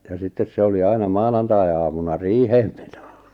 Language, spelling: Finnish, ja sitten se oli aina maanantaiaamuna riiheen meno
- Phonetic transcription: ja 'sittes se oli 'aina "manantai₍amuna "riiheem ᴍᴇɴᴏ .

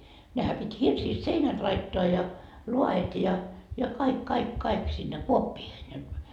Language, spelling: Finnish, nehän piti hirsistä seinät laittaa ja laet ja ja kaikki kaikki kaikki sinne kuoppiin ja
- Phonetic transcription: nehä pit́ 'hirsiist "seinät laittoa ja , 'lua₍et ja , ja 'kaik 'kaik 'kaik sinne 'kuoppiihen ja ,.

